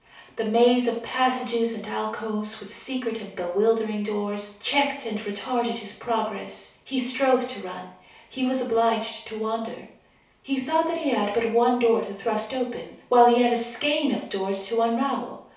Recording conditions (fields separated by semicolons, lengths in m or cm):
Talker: one person; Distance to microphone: 3.0 m; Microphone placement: far; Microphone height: 1.8 m; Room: small (3.7 m by 2.7 m); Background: none